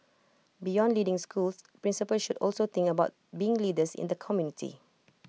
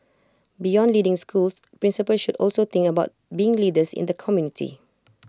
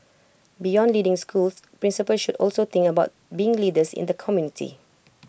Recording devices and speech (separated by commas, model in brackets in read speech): mobile phone (iPhone 6), close-talking microphone (WH20), boundary microphone (BM630), read sentence